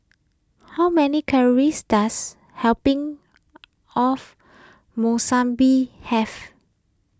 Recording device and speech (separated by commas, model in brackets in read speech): close-talking microphone (WH20), read sentence